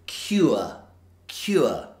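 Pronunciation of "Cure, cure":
'Cure' is said with the triphthong sound ua, in a way that sounds very, very posh.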